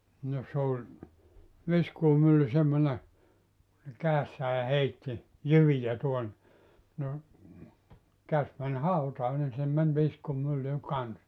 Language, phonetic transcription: Finnish, no 's ‿oĺ , 'viskuumylly 'semmone , ne 'käessää "heitti , "jyvijä tuon(ne) , no , 'käs män "hautaa nin sinnem män 'viskumylly "kans .
- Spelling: no se oli viskuumylly semmoinen ne kädessään heitti jyviä tuonne no käsi meni hautaan niin sinne meni viskuumylly kanssa

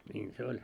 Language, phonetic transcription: Finnish, 'ńiin se 'oĺ .
- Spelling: niin se oli

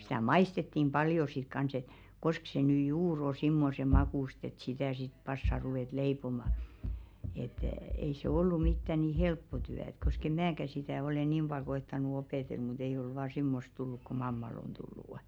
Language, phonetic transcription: Finnish, sɪtä "maistettim 'ʙaljo sit 'kans ‿et , 'kosk se ny "juur o simmose 'makùst ‿et sitä̀ sit 'passa ruvèt 'leipoma , et , ei se 'ollu mittä ni "helppo 'tyä ᵉt kosk ‿eᵐ "määkä sitä̀ ole "niim ʙal ko₍ettanu 'opètel mut ‿eiʲ ‿ol vaa "simmosᵗ 'tulluk ku "mammal ‿on tullù' .
- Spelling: sitä maistettiin paljon sitten kanssa että koska se nyt juuri on semmoisen makuista että sitä sitten passaa ruveta leipomaan että ei se ollut mitään niin helppo työ että koska en minäkään sitä ole niin paljon koettanut opetella mutta ei ole vain semmoista tullut kuin mammalla on tullut

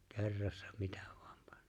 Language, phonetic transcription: Finnish, kerrassa 'mitᴀ̈ ᴠᴏᴀᴍ 'pᴀɴɴᴏᴏ .
- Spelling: kerrassa mitä vain panee

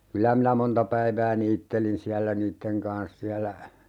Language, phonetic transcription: Finnish, 'kylä minä "monta päivää 'niittelin siällä "niitteŋ kans 'siällä ,.
- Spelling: kyllä minä monta päivää niittelin siellä niiden kanssa siellä

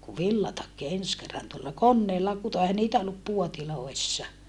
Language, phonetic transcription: Finnish, ku villatakki ens kerran tuolla konneella kuto ehä niitä ollup puotilòissa .
- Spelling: kun villatakki ensi kerran tuolla koneella kutoi eihän niitä ollut puodeissa

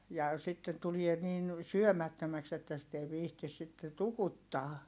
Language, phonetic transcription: Finnish, ja , sitten tulie niin , syömättömäks ‿että sit ‿ei viihtis sitte tukuttaa .
- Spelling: ja sitten tulee niin syömättömäksi että sitä ei viitsi sitten tukuttaa

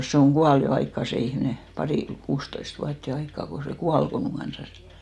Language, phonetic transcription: Finnish, se oŋ 'ɢual jo 'aikka sè 'ihmne , 'pari- , 'kuustoist vuat jo 'aikka ko se "kual ko muŋ 'ɢansan (ol) .
- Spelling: se on kuollut jo aikaa se ihminen - kuusitoista vuotta jo aikaa kun se kuoli kun minun kanssani oli

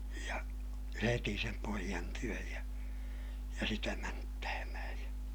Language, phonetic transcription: Finnish, ja , heti sem poijan työj ja , ja sitä mänttäämähäj ja ,.
- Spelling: ja heti sen pojan tykö ja ja sitä mänttäämään ja

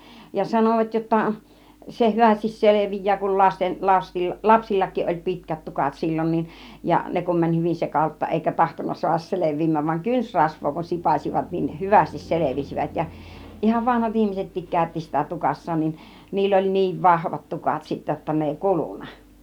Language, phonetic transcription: Finnish, ja 'sanovat jotta , se 'hyvästis "selevij̆jää kul 'lasten , 'lasti- , 'lapsillakkiiˀ ˀoĺ "pi̬tkät 'tukat 'sil͕l͕on nin , ja 'ne kum mäń 'hyvin 'sekalutta 'ˀèikä 'tahtonna su̬ahas 'selev̆viim̆määv vaŋ "kynsrasv̆voo kun "sipàs͕ivat niin "hyvästis 'selevisivät ja , ihav "vanhat 'ihmisettiik kä̀ytti sitä 'tukas̀saan nin , 'niill ‿oĺ 'niiv "vahvat 'tukat sittä jotta 'ne èi "kulunA .
- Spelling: ja sanovat jotta se hyvästi selviää kun lasten - lapsillakin oli pitkät tukat silloin niin ja ne kun meni hyvin sekalutta eikä tahtonut saada selviämään vaan kynsirasvaa kun sipaisivat niin hyvästi selvisivät ja ihan vanhat ihmisetkin käytti sitä tukassaan niin niillä oli niin vahvat tukat sitten jotta ne ei kulunut

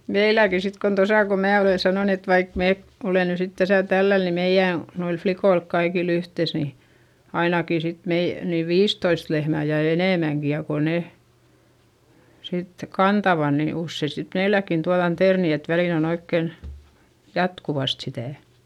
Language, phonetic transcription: Finnish, meiläki sit kon tosà ko mää olè sanòn ‿et vaik mee , ole ny sit täsä tälläl ni meiʲä̀ , noilf flikoilk kaikil ‿yhtès ni , ainaki sit mei- , niiv viistoist lehmä̀ ja enèmäŋki ja ko ne , sit kantava ni ussei sit meiläkkin tuaδan terni et välìn ‿on ‿oikken , jatkuvast sitä̀ .
- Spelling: meilläkin sitten kun tuossa kun minä olen sanonut että vaikka me olemme nyt sitten tässä tällä lailla niin meidän noilla likoilla kaikilla yhteensä niin ainakin sitten - niin viisitoista lehmää ja enemmänkin ja kun ne sitten kantavat niin usein sitten meilläkin tuodaan terniä että väliin on oikein jatkuvasti sitä

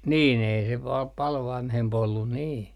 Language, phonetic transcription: Finnish, 'niin ei se pal , pal "vanhemp ‿ollun 'nii .
- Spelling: niin ei se paljon paljon vanhempi ollut niin

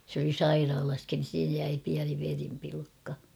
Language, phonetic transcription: Finnish, sᵉ ‿oli "sairaalaskin̬ (siihej) jäi piäni verimpilkka .
- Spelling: se oli sairaalassakin siihen jäi pieni verenpilkka

